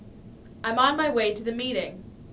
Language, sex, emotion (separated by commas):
English, female, neutral